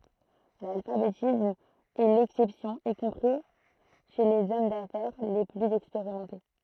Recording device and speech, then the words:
throat microphone, read sentence
L'alphabétisme est l'exception y compris chez les hommes d'affaires les plus expérimentés.

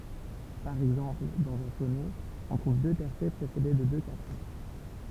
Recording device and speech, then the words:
temple vibration pickup, read sentence
Par exemple, dans un sonnet, on trouve deux tercets précédés de deux quatrains.

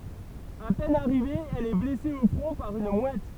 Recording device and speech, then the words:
temple vibration pickup, read sentence
À peine arrivée, elle est blessée au front par une mouette.

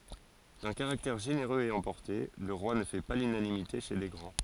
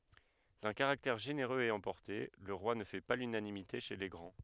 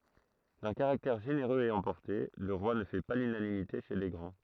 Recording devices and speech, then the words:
forehead accelerometer, headset microphone, throat microphone, read sentence
D'un caractère généreux et emporté, le roi ne fait pas l'unanimité chez les grands.

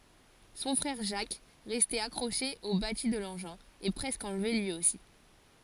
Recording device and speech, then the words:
forehead accelerometer, read sentence
Son frère, Jacques, resté accroché au bâti de l’engin, est presque enlevé, lui aussi.

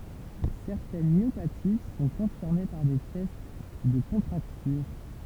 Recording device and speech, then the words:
temple vibration pickup, read sentence
Certaines myopathies sont confirmées par des tests de contracture.

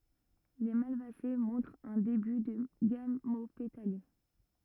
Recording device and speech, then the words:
rigid in-ear microphone, read sentence
Les Malvacées montrent un début de gamopétalie.

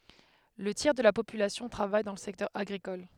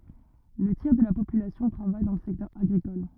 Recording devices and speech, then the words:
headset microphone, rigid in-ear microphone, read sentence
Le tiers de la population travaille dans le secteur agricole.

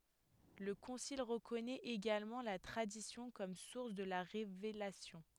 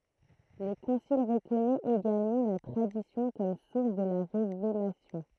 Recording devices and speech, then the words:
headset microphone, throat microphone, read sentence
Le concile reconnaît également la Tradition comme source de la Révélation.

